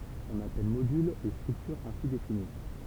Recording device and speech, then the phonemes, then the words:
temple vibration pickup, read sentence
ɔ̃n apɛl modyl le stʁyktyʁz ɛ̃si defini
On appelle modules les structures ainsi définies.

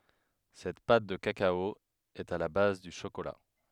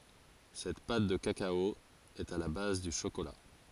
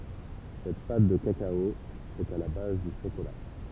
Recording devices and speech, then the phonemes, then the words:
headset microphone, forehead accelerometer, temple vibration pickup, read sentence
sɛt pat də kakao ɛt a la baz dy ʃokola
Cette pâte de cacao est à la base du chocolat.

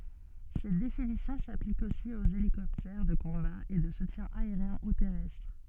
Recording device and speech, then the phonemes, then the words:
soft in-ear microphone, read sentence
sɛt definisjɔ̃ saplik osi oz elikɔptɛʁ də kɔ̃ba e də sutjɛ̃ aeʁjɛ̃ u tɛʁɛstʁ
Cette définition s'applique aussi aux hélicoptères de combat et de soutien aérien ou terrestre.

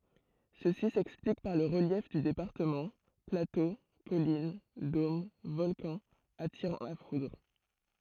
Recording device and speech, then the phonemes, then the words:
throat microphone, read sentence
səsi sɛksplik paʁ lə ʁəljɛf dy depaʁtəmɑ̃ plato kɔlin dom vɔlkɑ̃z atiʁɑ̃ la fudʁ
Ceci s'explique par le relief du département, plateaux, collines, dômes, volcans attirant la foudre.

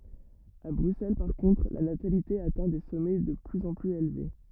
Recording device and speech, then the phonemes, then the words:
rigid in-ear microphone, read sentence
a bʁyksɛl paʁ kɔ̃tʁ la natalite atɛ̃ de sɔmɛ də plyz ɑ̃ plyz elve
À Bruxelles par contre, la natalité atteint des sommets de plus en plus élevés.

